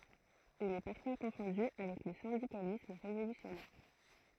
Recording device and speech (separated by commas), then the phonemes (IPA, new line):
throat microphone, read sentence
il ɛ paʁfwa kɔ̃fɔ̃dy avɛk lə sɛ̃dikalism ʁevolysjɔnɛʁ